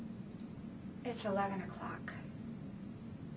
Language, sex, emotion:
English
female
neutral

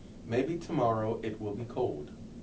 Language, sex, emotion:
English
male
neutral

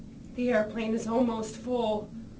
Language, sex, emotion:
English
female
fearful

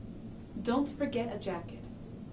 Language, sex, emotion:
English
female
neutral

